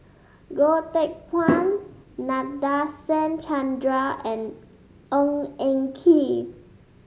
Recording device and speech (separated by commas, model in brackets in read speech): mobile phone (Samsung S8), read sentence